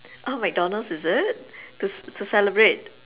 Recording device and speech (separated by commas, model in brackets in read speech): telephone, conversation in separate rooms